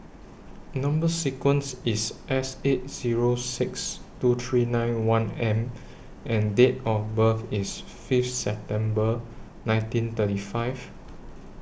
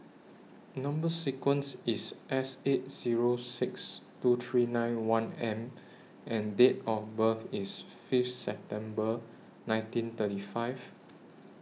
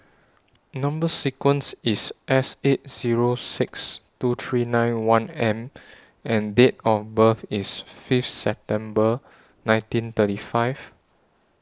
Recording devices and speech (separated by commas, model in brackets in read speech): boundary microphone (BM630), mobile phone (iPhone 6), standing microphone (AKG C214), read sentence